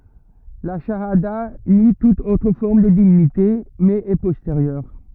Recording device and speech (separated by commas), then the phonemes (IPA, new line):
rigid in-ear microphone, read sentence
la ʃaada ni tut otʁ fɔʁm də divinite mɛz ɛ pɔsteʁjœʁ